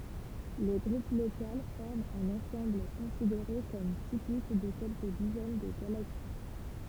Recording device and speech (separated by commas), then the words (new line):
temple vibration pickup, read sentence
Le Groupe local forme un ensemble considéré comme typique de quelques dizaines de galaxies.